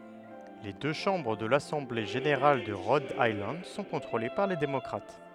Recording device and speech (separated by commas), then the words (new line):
headset microphone, read sentence
Les deux chambres de l'Assemblée générale de Rhode Island sont contrôlées par les démocrates.